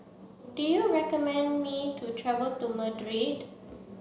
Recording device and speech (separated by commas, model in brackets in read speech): mobile phone (Samsung C7), read sentence